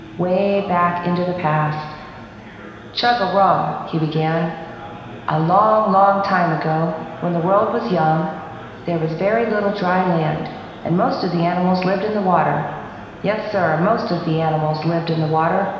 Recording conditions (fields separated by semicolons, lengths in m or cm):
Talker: one person; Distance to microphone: 1.7 m; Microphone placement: close; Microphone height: 1.0 m; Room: very reverberant, large; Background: babble